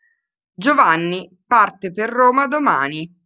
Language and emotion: Italian, neutral